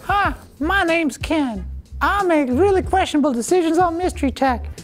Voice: high-pitched voice